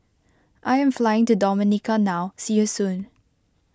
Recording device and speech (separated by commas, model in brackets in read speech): close-talking microphone (WH20), read sentence